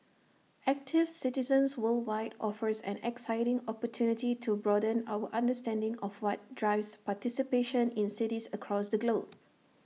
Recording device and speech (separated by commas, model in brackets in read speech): mobile phone (iPhone 6), read sentence